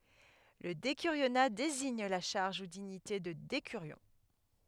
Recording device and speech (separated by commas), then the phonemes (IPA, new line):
headset microphone, read sentence
lə dekyʁjona deziɲ la ʃaʁʒ u diɲite də dekyʁjɔ̃